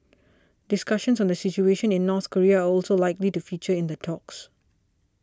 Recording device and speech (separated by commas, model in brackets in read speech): standing microphone (AKG C214), read sentence